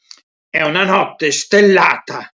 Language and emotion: Italian, angry